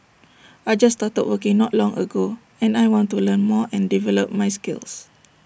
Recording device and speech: boundary microphone (BM630), read sentence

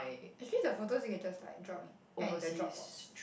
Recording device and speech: boundary microphone, conversation in the same room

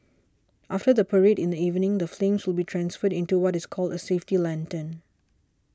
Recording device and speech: standing microphone (AKG C214), read sentence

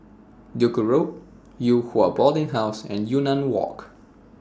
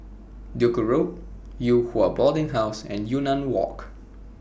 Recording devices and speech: standing microphone (AKG C214), boundary microphone (BM630), read sentence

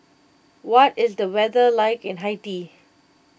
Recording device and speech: boundary microphone (BM630), read sentence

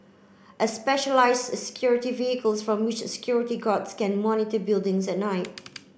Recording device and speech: boundary microphone (BM630), read sentence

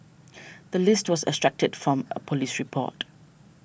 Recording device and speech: boundary microphone (BM630), read sentence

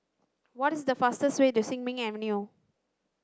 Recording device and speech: standing microphone (AKG C214), read sentence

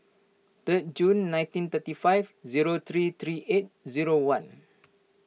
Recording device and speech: mobile phone (iPhone 6), read sentence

